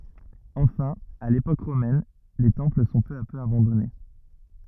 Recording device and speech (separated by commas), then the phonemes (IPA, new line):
rigid in-ear microphone, read sentence
ɑ̃fɛ̃ a lepok ʁomɛn le tɑ̃pl sɔ̃ pø a pø abɑ̃dɔne